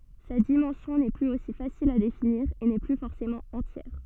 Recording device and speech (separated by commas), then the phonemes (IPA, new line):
soft in-ear microphone, read sentence
sa dimɑ̃sjɔ̃ nɛ plyz osi fasil a definiʁ e nɛ ply fɔʁsemɑ̃ ɑ̃tjɛʁ